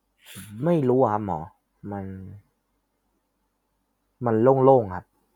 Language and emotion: Thai, neutral